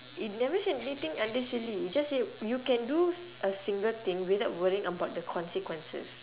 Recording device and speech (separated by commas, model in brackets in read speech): telephone, conversation in separate rooms